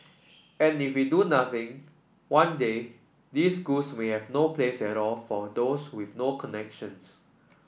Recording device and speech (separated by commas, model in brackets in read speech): boundary microphone (BM630), read sentence